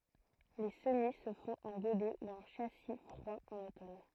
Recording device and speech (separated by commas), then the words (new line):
throat microphone, read sentence
Les semis se font en godet ou en châssis froid en automne.